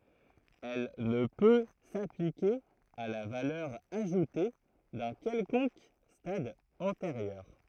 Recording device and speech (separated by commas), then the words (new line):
throat microphone, read sentence
Elle ne peut s'appliquer à la valeur ajoutée d'un quelconque stade antérieur.